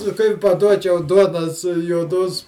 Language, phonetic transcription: Lithuanian, kai paˈduočiau ˈduonos juoˈdos

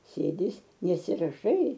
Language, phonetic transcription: Lithuanian, ˈsėdi ˈis nesiraˈšai

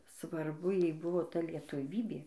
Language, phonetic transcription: Lithuanian, svarˈbu ˈjai ˈbuvo ˈta lietuˈvybė

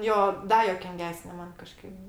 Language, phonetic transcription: Lithuanian, ˈjo ˈda juokinˈgesne ˈman kaˈžkaip

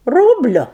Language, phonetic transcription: Lithuanian, ˈrūbliu

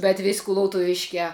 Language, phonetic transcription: Lithuanian, bet vis' kulautuˈviškiā

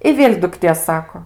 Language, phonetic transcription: Lithuanian, i ˈvėl' dukˈtė ˈsako

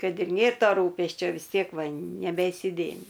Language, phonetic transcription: Lithuanian, ˈkad ir ˈnėr ˈto ˈrūpesčio vis ˈtiek ˈva nebeisiˈdėmi

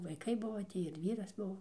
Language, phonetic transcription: Lithuanian, vaiˈkai ˈbuvo ˈtį ir ˈvyras ˈbuvo

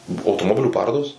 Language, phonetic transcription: Lithuanian, ˈbuvo automoˈbilių ˈparodos

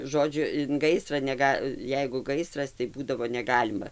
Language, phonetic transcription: Lithuanian, ˈžodžiu in ˈgaisra neˈga ˈjeigu ˈgaisras tai ˈbūdavo neˈgalima

